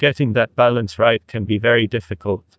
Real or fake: fake